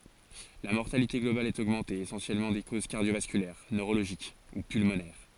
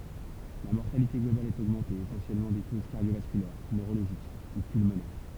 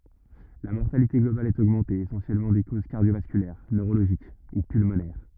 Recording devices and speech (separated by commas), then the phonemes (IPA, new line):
forehead accelerometer, temple vibration pickup, rigid in-ear microphone, read sentence
la mɔʁtalite ɡlobal ɛt oɡmɑ̃te esɑ̃sjɛlmɑ̃ də koz kaʁdjovaskylɛʁ nøʁoloʒik u pylmonɛʁ